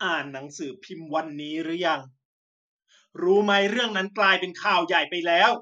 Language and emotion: Thai, angry